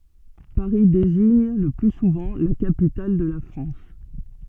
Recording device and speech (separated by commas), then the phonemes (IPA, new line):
soft in-ear microphone, read sentence
paʁi deziɲ lə ply suvɑ̃ la kapital də la fʁɑ̃s